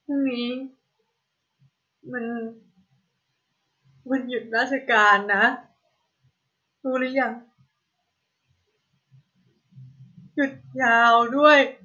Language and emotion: Thai, sad